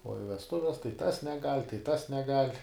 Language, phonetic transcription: Lithuanian, o i vesˈtuves tai ˈtas neˈgal' tai ˈtas neˈgal'

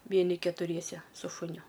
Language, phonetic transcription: Lithuanian, ˈvieni ketuˈriese su šuˈniu

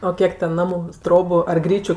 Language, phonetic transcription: Lithuanian, o ˈkiek ten ˈnamu ˈtrobu ar ˈgryčiu

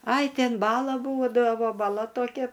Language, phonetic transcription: Lithuanian, ai ˈten ˈbala ˈbūdavo baˈla toˈkia

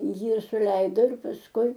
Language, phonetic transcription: Lithuanian, ˈjį suˈleido ir pasˈkui

